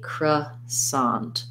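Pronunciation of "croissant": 'Croissant' is said the standard American way: a schwa in the first syllable, an ah vowel in 'sant', and stress on the second syllable.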